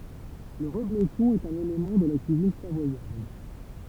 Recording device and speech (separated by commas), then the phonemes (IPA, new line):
temple vibration pickup, read sentence
lə ʁəbloʃɔ̃ ɛt œ̃n elemɑ̃ də la kyizin savwajaʁd